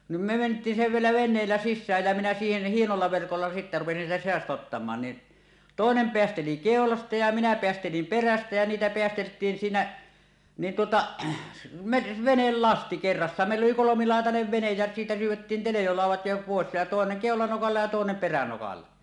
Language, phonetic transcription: Finnish, nim me ment̀iin si-vielä 'ven̆neellä "sissääj jä minä siihen "hienolla 'verkolla sittä rupesin sieltä se₍asta ottamaan ni , "tòenem 'peästeli "kèolasta ja minä 'peästelim "perästä jä niitä peästelt̀iin siinä , nin tuota , me "venellasti 'kerrassaan , mèill ‿oli "kolomiláetanev venej jä siitä 'syyw̆wettin 'telejolàuw̆wat jo pòes ja tòeneŋ "kèolanokalla ja tòenem 'peränokalla .
- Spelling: niin me mentiin vielä veneellä sisään ja minä siihen hienolla verkolla sitten rupesin sieltä seasta ottamaan niin toinen päästeli keulasta ja minä päästelin perästä ja niitä päästeltiin siinä niin tuota me venelasti kerrassaan meillä oli kolmilaitainen vene ja siitä syydettiin teljolaudat jo pois ja toinen keulanokalla ja toinen peränokalla

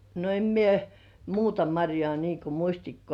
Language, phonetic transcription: Finnish, no 'em mie , "muuta maŕjŏà nii ku 'muśtikkŏ§à .
- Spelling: no en minä muuta marjaa niin kuin mustikoita

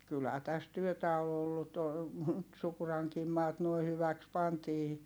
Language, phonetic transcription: Finnish, kylhää täs työtä o ollu to , (ny)t Sukuraŋkiim maat nuoi hyväks pantii .
- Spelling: kyllähän tässä työtä on ollut - nyt Sukurankin maat nuo hyväksi pantiin

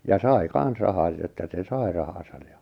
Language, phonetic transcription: Finnish, ja "sai 'kan̬s 'rahaᵗ että se 'sai rahasaj ja .
- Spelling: ja sai kanssa rahat että se sai rahansa ja

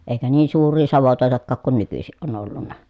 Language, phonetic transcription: Finnish, èikä niin suur̆rii savotòetakkaak kun nykysiʼ ʼon ‿ollunna .
- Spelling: eikä niin suuria savotoitakaan kun nykyisin on ollut

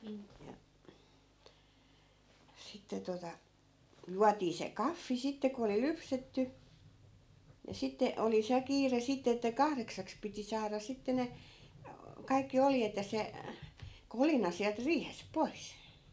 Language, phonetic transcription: Finnish, ja , 'sitte tota , 'juatii se "kaffi sitte ko oli 'lypsetty , ni 'sitte , 'oli se 'kiire sitte että "kahreksaks piti 'saara 'sitte ne , 'kaikki 'oljet ja se , "kolina siält 'riihesp 'pois .
- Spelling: ja sitten tuota juotiin se kahvi sitten kun oli lypsetty niin sitten oli se kiire sitten että kahdeksaksi piti saada sitten ne kaikki oljet ja se kolina sieltä riihestä pois

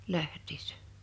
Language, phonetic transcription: Finnish, 'läht̀ɪɪssᴀ̈ .
- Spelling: lähtiessä

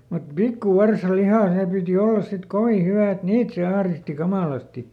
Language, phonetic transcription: Finnish, mut ˈpikkuˈvarsaˈlihà "sè pìti ˈollas sit "kovi ˈhyvä̀ et "niit se ˈahristi "kamàlasti .
- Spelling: mutta pikkuvarsanliha se piti olla sitten kovin hyvää että niitä se ahdisti kamalasti

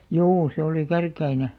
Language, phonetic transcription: Finnish, juu se oli "Kärk̆§käine .
- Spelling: juu se oli Kärkkäinen

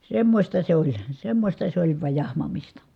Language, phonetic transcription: Finnish, semmośta se oĺ , semmośta se oĺ vaj jahmamista .
- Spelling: semmoista se oli semmoista se oli vain jahmamista

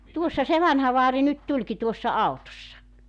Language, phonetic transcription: Finnish, 'tuossa se 'vanha vaari nyt 'tuĺki tuossa 'autossa .
- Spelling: tuossa se vanha vaari nyt tulikin tuossa autossa

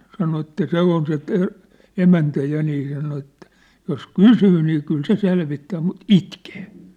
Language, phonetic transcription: Finnish, sano että 'se on se Te- , 'emäntä 'ja nii sano ettᴀ̈ , jos "kysyy nii kyl se 'selvittää mut "itkee .
- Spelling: sanoi että se on se - emäntä ja niin sanoi että jos kysyy niin kyllä se selvittää mutta itkee

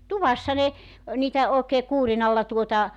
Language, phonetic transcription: Finnish, "tuvassa ne , niitä 'òekee 'kuurinalla tuota ,.
- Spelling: tuvassa ne niitä oikein kuurinalla tuota

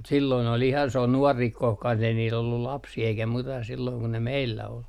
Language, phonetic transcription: Finnish, mut silloin ‿ol ihan s ‿on "nuɔri kohkan ei niil ‿ollul "lapsii eikä 'muita silloiŋ ku ne "meillä ol .
- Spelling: mutta silloin oli ihan se on nuori koska ei niillä ollut lapsia eikä muita silloin kun ne meillä oli

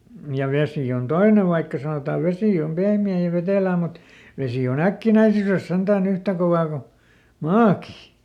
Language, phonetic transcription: Finnish, ja ˈvesì on "toine vaikka sanotaa ˈvesì om ˈpehmi₍ä̀ ja ˈvetèlää mut , ˈvesi o"n ‿äkkinäisyres sentääˈn ‿yhtä kovaa ku , "maaki .
- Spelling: ja vesi on toinen vaikka sanotaan vesi on pehmeää ja vetelää mutta vesi on äkkinäisyydessä sentään yhtä kovaa kuin maakin

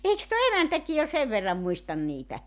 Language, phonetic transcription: Finnish, 'eiks tuo "emäntäki jo "sev verram 'muistan 'niitä ?
- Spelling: eikös tuo emäntäkin jo sen verran muista niitä

